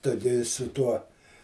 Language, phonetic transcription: Lithuanian, ˈtu gi su ˈtuo

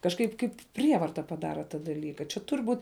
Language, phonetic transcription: Lithuanian, kažˈkaip ˈkaip ˈprievarta paˈdara ta daˈlyka čia ˈtur' ˈbūt'

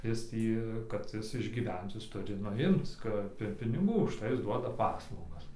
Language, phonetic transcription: Lithuanian, ˈjis ˈtį kad ˈjis išgyˈvenc ˈjis ˈturi ˈnu ˈimc ˈkap ir piniˈgų užˈtai ˈjis ˈduoda ˈpaslaugas

